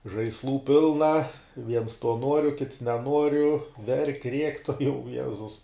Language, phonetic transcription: Lithuanian, žaisˈlų ˈpilna viens to ˈnuoriu kits neˈnuoriu verk' riek' tuoˈjau ˈjezus

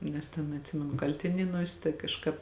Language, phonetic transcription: Lithuanian, nes ˈten atˈsimenu ˈkaltinėnuos' tai kažˈkāp

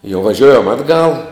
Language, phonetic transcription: Lithuanian, jau vaˈžiojam ˈatˌgal

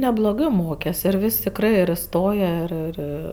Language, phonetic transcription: Lithuanian, nebloˈgɜ ˈmokes ir ˈvis' tikˈrɜ ir iˈstoja ˈir ˈir

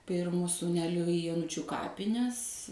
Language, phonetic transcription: Lithuanian, ˈpirmu sūˈneliu i joˈnučiu ˈkapines

